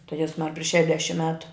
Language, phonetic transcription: Lithuanian, tai ˈjezmar priš šeˈdešim ˈmetu

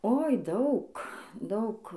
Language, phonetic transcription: Lithuanian, oi ˈdaug ˈdaug

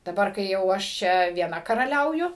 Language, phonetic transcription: Lithuanian, daˈbar kai ˈjau aš ˈčia vieˈna karaˈliauju

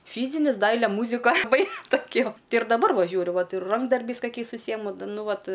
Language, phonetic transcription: Lithuanian, ˈfyzinis ˈdaile ˈmūzika aˈbai toˈkio ˈti ir daˈbar ˈva ˈžiūriu ˈvat ir ˈrankdarbiais kaˈkiais užˈsyjemu da ˈnu ˈvat

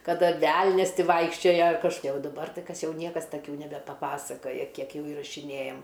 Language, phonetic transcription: Lithuanian, kaˈda ˈvelnias ˈti ˈvaikščiojo kažkoˈkie o daˈbar ˈtai ˈkas ˈjau ˈniekas taˈkių nebepaˈpasakoja ˈkiek ˈjau įrašiˈnėjam

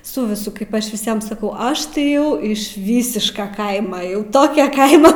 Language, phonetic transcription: Lithuanian, ˈsu viˈsu kaip ˈaš viˈsiem saˈkau ˈaš tai ˈjau iš ˈvysiška ˈkaima jau ˈtokia ˈkaima

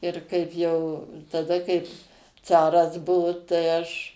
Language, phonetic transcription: Lithuanian, ir ˈkaip jau taˈda kaip ˈcaras ˈbuvo tai ˈaš

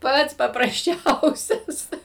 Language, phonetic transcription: Lithuanian, ˈpats paprasˈčiausias

